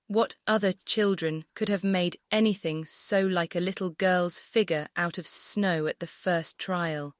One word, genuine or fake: fake